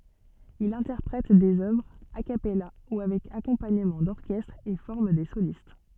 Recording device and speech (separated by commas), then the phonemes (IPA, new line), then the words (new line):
soft in-ear microphone, read sentence
il ɛ̃tɛʁpʁɛt dez œvʁz a kapɛla u avɛk akɔ̃paɲəmɑ̃ dɔʁkɛstʁ e fɔʁm de solist
Il interprète des œuvres a cappella ou avec accompagnement d'orchestre et forme des solistes.